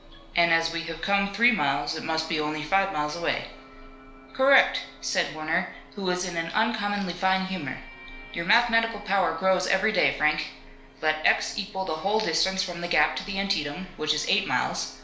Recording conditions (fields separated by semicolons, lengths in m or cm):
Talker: one person; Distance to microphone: 1.0 m; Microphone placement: close; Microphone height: 1.1 m; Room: small (3.7 m by 2.7 m); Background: television